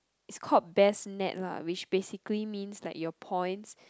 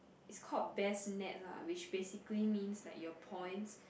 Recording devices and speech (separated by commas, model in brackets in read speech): close-talking microphone, boundary microphone, conversation in the same room